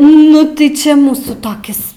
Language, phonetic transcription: Lithuanian, nu tai ˈčia ˈmūsų toˈkis

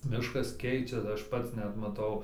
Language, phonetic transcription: Lithuanian, ˈmiškas ˈkeičias ˈaš ˈpats ˈnet maˈtau

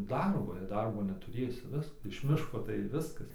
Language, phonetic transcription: Lithuanian, ˈdarbo jei ˈdarbo netuˈrėsi ˈvisk iš ˈmiško tai ˈviskas

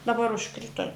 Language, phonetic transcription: Lithuanian, daˈbar užˈkrito

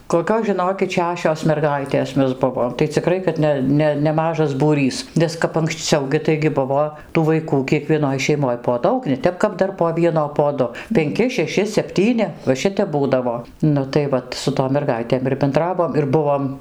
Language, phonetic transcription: Lithuanian, koˈkios žiˈnokit ˈšešios merˈgaitės ˈmes ˈbuvom tai ciˈkrai kad ˈne ˈne neˈmažas būˈrys ˈnes kap anksˈciau gi taigi ˈbuvo tų vaiˈkų kiekvieˈnoj šeiˈmoj po ˈdaug ne ˈtep kap ˈdar po ˈvieno po ˈdu penˈki šeˈši sepˈtyni va ˈšitep ˈbūdavo ˈnu tai ˈvat su tom merˈgaitėm ir benˈdravom ir ˈbuvom

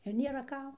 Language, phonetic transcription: Lithuanian, ir ˈnėra ˈkam

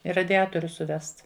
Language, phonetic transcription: Lithuanian, i radiˈatorius suˈvest

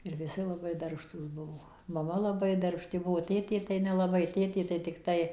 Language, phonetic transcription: Lithuanian, ir viˈsi laˈbai darbˈštūs ˈbuvo maˈma laˈbai darbˈšti ˈbuo ˈtėtė tai nelaˈbai ˈtėtė tai tikˈtai

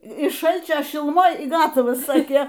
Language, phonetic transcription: Lithuanian, iš ˈšalčio šiluˈmoj y ˈgatavas ˈsakė

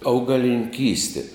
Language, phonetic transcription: Lithuanian, augalininˈkystė

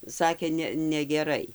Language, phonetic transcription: Lithuanian, ˈsakė ˈne negeˈrai

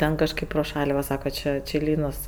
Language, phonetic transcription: Lithuanian, ˈten kažˈkaip pro ˈšal' ˈva ˈsaka ˈči či ˈlynos

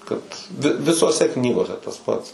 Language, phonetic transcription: Lithuanian, kad vi visoˈse ˈknygose tas ˈpats

